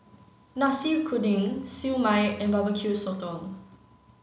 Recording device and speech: mobile phone (Samsung C9), read sentence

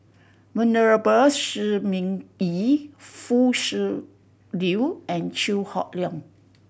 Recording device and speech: boundary microphone (BM630), read sentence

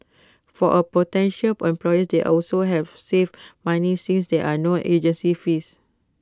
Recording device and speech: close-talking microphone (WH20), read sentence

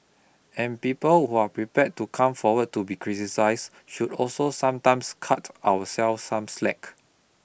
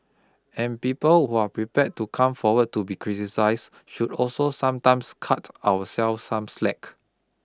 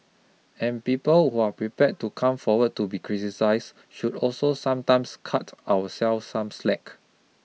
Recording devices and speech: boundary microphone (BM630), close-talking microphone (WH20), mobile phone (iPhone 6), read sentence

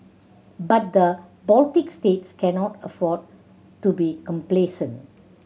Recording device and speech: mobile phone (Samsung C7100), read sentence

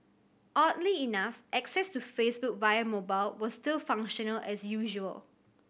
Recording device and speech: boundary microphone (BM630), read sentence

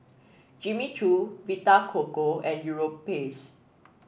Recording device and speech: boundary microphone (BM630), read sentence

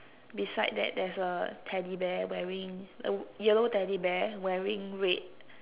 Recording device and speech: telephone, conversation in separate rooms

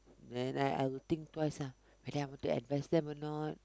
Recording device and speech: close-talking microphone, conversation in the same room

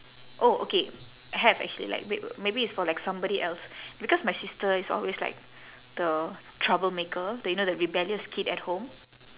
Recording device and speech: telephone, conversation in separate rooms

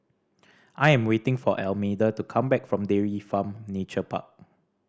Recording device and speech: standing microphone (AKG C214), read sentence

